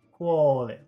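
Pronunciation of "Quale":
In 'quale', the first syllable is long and the second syllable is short.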